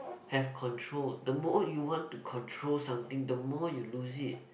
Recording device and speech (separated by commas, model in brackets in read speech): boundary microphone, conversation in the same room